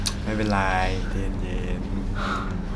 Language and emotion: Thai, neutral